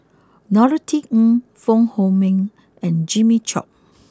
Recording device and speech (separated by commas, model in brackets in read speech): close-talking microphone (WH20), read sentence